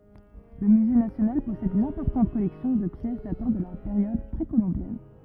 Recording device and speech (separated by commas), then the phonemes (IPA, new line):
rigid in-ear microphone, read sentence
lə myze nasjonal pɔsɛd yn ɛ̃pɔʁtɑ̃t kɔlɛksjɔ̃ də pjɛs datɑ̃ də la peʁjɔd pʁekolɔ̃bjɛn